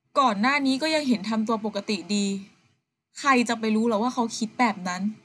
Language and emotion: Thai, frustrated